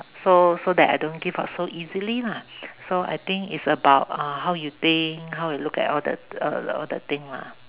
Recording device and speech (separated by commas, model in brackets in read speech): telephone, conversation in separate rooms